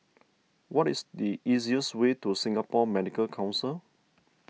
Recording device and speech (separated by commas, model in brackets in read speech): mobile phone (iPhone 6), read sentence